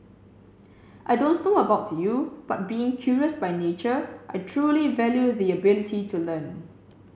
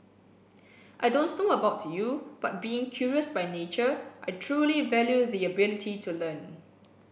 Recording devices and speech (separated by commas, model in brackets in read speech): mobile phone (Samsung C7), boundary microphone (BM630), read sentence